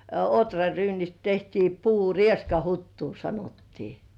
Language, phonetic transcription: Finnish, 'otraryynist tehtii puu- "rieskahuttuu sanottii .
- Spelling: ohraryynistä tehtiin - rieskahuttua sanottiin

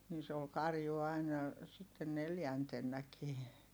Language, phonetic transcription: Finnish, ni se ol karju aina , sitte neljäntennäkii .
- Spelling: niin se oli karju aina sitten neljäntenäkin

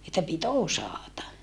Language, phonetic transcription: Finnish, että pit osàta .
- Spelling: että piti osata

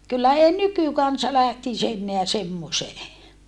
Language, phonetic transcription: Finnish, kyllä ei nykykansa lähtis ‿enneä semmosee .
- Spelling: kyllä ei nykykansa lähtisi enää semmoiseen

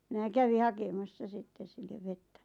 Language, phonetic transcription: Finnish, 'minä 'kävi "hakemassa 'sitte sillev 'vettä .
- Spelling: minä kävin hakemassa sitten sille vettä

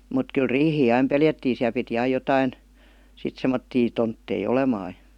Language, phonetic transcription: Finnish, mut kyl "riihii 'aim "peljättiin̬ siäl piti 'aij "jotain , sit 'semmottii 'tonttei "olemaa jA .
- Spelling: mutta kyllä riihiä aina pelättiin siellä piti aina jotakin sitten semmoisia tontteja olemaan ja

